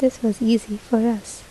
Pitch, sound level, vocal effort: 230 Hz, 72 dB SPL, soft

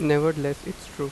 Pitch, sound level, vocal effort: 150 Hz, 88 dB SPL, normal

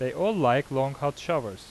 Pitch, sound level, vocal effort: 135 Hz, 89 dB SPL, normal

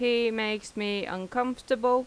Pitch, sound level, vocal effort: 235 Hz, 88 dB SPL, normal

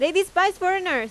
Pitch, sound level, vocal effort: 370 Hz, 95 dB SPL, very loud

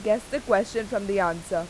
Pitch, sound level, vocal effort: 210 Hz, 90 dB SPL, loud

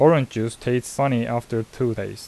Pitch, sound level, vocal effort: 120 Hz, 83 dB SPL, normal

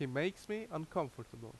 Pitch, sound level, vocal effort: 155 Hz, 83 dB SPL, loud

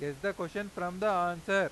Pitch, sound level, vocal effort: 195 Hz, 98 dB SPL, very loud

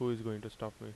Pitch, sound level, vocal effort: 110 Hz, 81 dB SPL, soft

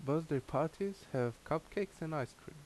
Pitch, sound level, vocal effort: 155 Hz, 79 dB SPL, normal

